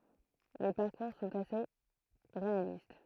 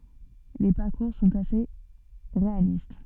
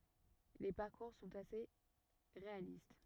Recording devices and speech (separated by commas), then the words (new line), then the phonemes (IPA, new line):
throat microphone, soft in-ear microphone, rigid in-ear microphone, read sentence
Les parcours sont assez réalistes.
le paʁkuʁ sɔ̃t ase ʁealist